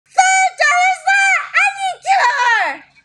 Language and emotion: English, surprised